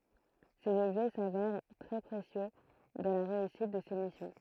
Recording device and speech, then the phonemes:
throat microphone, read sentence
sez ɔbʒɛ savɛʁ tʁɛ pʁesjø dɑ̃ la ʁeysit də se misjɔ̃

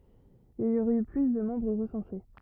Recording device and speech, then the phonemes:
rigid in-ear microphone, read sentence
il i oʁɛt y ply də mɑ̃bʁ ʁəsɑ̃se

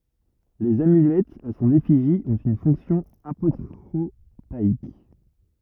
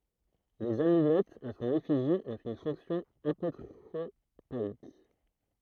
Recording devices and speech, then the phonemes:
rigid in-ear microphone, throat microphone, read sentence
lez amylɛtz a sɔ̃n efiʒi ɔ̃t yn fɔ̃ksjɔ̃ apotʁopaik

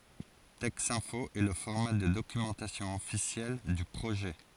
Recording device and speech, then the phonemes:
forehead accelerometer, read sentence
tɛksɛ̃fo ɛ lə fɔʁma də dokymɑ̃tasjɔ̃ ɔfisjɛl dy pʁoʒɛ

